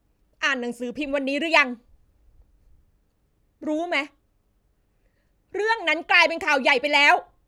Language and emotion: Thai, angry